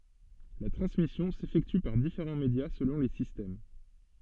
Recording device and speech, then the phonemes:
soft in-ear microphone, read sentence
la tʁɑ̃smisjɔ̃ sefɛkty paʁ difeʁɑ̃ medja səlɔ̃ le sistɛm

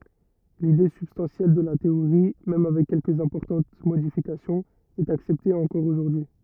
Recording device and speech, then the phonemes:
rigid in-ear microphone, read sentence
lide sybstɑ̃sjɛl də la teoʁi mɛm avɛk kɛlkəz ɛ̃pɔʁtɑ̃t modifikasjɔ̃z ɛt aksɛpte ɑ̃kɔʁ oʒuʁdyi

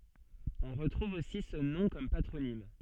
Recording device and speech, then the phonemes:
soft in-ear microphone, read sentence
ɔ̃ ʁətʁuv osi sə nɔ̃ kɔm patʁonim

